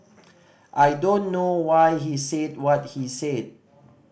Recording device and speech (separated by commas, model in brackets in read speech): boundary microphone (BM630), read sentence